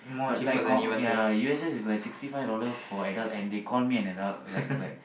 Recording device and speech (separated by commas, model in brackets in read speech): boundary microphone, conversation in the same room